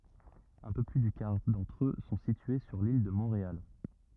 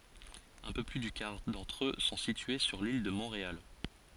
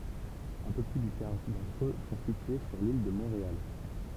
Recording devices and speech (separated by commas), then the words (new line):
rigid in-ear microphone, forehead accelerometer, temple vibration pickup, read sentence
Un peu plus du quart d'entre eux sont situés sur l'île de Montréal.